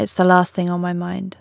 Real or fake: real